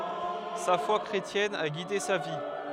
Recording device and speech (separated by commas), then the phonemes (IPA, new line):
headset microphone, read sentence
sa fwa kʁetjɛn a ɡide sa vi